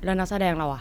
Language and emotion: Thai, frustrated